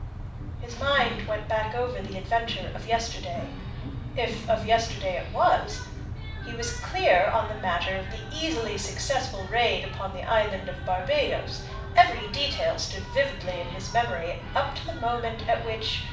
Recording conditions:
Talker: one person; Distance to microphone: 5.8 m; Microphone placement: far; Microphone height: 1.8 m; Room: medium-sized (5.7 m by 4.0 m); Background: television

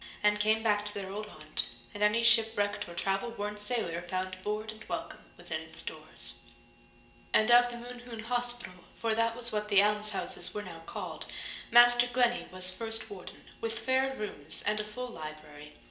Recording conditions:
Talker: one person; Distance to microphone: 1.8 m; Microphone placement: close; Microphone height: 1.0 m; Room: large; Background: none

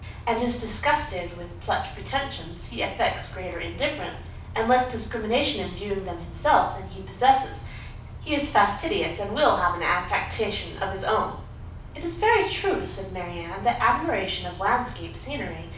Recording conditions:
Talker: one person; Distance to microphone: 5.8 m; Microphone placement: far; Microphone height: 1.8 m; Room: medium-sized (5.7 m by 4.0 m); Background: none

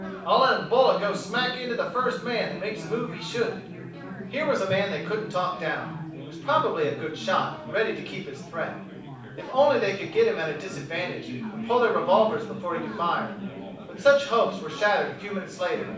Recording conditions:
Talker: one person; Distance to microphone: 5.8 m; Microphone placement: far; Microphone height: 1.8 m; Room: medium-sized (5.7 m by 4.0 m); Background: babble

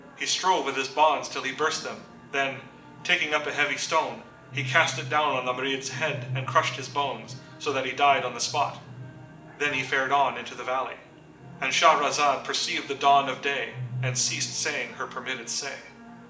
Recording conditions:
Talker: one person; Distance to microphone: 1.8 m; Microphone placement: close; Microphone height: 1.0 m; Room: large; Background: television

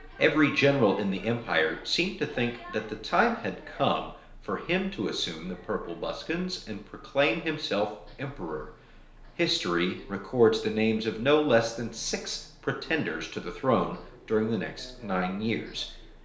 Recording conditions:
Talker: one person; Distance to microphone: 1.0 m; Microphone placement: close; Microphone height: 1.1 m; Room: small (3.7 m by 2.7 m); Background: television

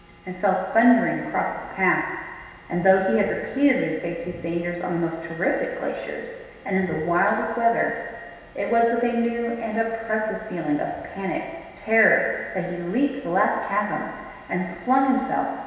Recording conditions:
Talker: one person; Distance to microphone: 1.7 m; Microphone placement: close; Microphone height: 1.0 m; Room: very reverberant, large; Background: none

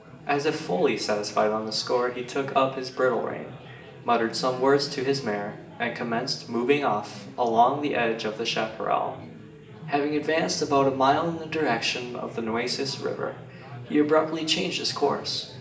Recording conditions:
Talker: one person; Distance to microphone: 1.8 m; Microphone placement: close; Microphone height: 1.0 m; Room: large; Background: babble

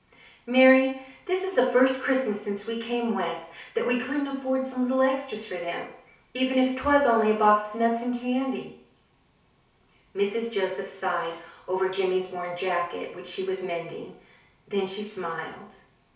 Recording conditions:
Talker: one person; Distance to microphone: 3.0 m; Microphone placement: far; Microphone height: 1.8 m; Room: small (3.7 m by 2.7 m); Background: none

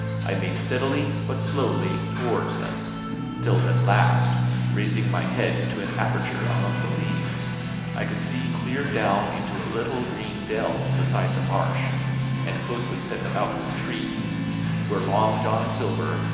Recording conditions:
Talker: one person; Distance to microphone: 1.7 m; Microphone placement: close; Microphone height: 1.0 m; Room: very reverberant, large; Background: music

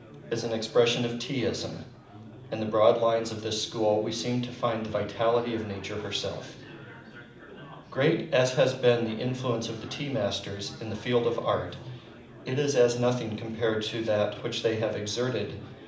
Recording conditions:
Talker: one person; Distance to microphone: 2.0 m; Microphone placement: close; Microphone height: 99 cm; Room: medium-sized (5.7 m by 4.0 m); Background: babble

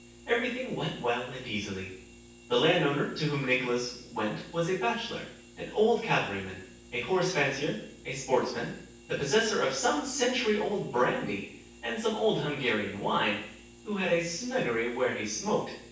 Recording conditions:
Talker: one person; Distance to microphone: 9.8 m; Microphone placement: far; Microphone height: 1.8 m; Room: large; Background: none

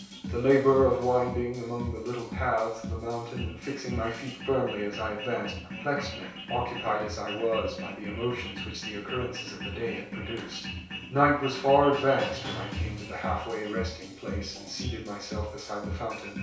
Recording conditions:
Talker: one person; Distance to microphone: 3.0 m; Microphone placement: far; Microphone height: 1.8 m; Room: small (3.7 m by 2.7 m); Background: music

